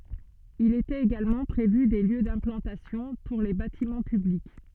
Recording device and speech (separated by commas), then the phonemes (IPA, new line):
soft in-ear microphone, read sentence
il etɛt eɡalmɑ̃ pʁevy de ljø dɛ̃plɑ̃tasjɔ̃ puʁ le batimɑ̃ pyblik